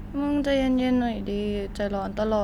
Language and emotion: Thai, frustrated